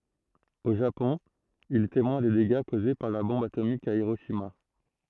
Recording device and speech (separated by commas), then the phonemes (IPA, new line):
throat microphone, read sentence
o ʒapɔ̃ il ɛ temwɛ̃ de deɡa koze paʁ la bɔ̃b atomik a iʁoʃima